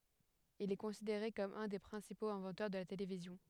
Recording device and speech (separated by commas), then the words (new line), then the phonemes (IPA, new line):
headset microphone, read sentence
Il est considéré comme un des principaux inventeurs de la télévision.
il ɛ kɔ̃sideʁe kɔm œ̃ de pʁɛ̃sipoz ɛ̃vɑ̃tœʁ də la televizjɔ̃